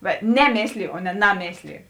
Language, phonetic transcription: Lithuanian, va ˈneˌmėsliju o ne ˈnaˌmėsliju

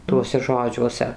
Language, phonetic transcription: Lithuanian, ˈtuose ˈžodžiuose

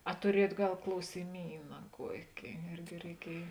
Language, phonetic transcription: Lithuanian, a tuˈriejuot ˈgal klausiˈmyna ˈkuoki ˈirgi reiˈkiej

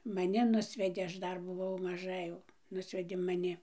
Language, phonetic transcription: Lithuanian, maˈni ˈnusvedė ˈaš ˈdar buˈvau maˈža ėjau ˈnusvedė maˈni

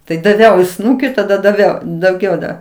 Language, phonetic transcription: Lithuanian, tai daˈviau i ˈsnūki taˈda daˈviau dauˈgiau da

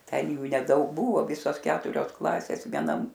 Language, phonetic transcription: Lithuanian, ˈten ˈjų neˈdaug ˈbūvo ˈvisos ˈketurios ˈklasės vieˈnam

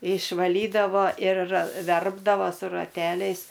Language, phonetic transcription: Lithuanian, išvaˈlydavo ir ˈverpdavo su raˈteliais

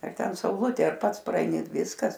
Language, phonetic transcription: Lithuanian, ar ˈten sauˈlutė ar ˈpats praeiˈni ˈviskas

